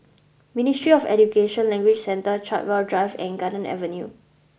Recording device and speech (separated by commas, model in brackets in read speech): boundary microphone (BM630), read sentence